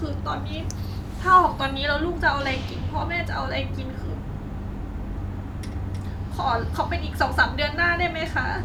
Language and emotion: Thai, sad